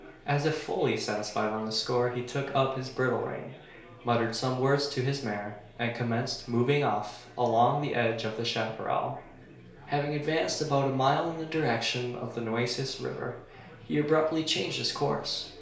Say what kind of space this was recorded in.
A small space.